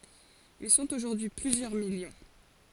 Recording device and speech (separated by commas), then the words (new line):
forehead accelerometer, read sentence
Ils sont aujourd'hui plusieurs millions.